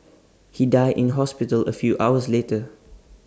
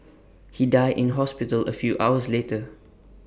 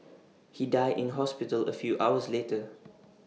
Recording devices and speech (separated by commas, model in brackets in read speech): standing microphone (AKG C214), boundary microphone (BM630), mobile phone (iPhone 6), read sentence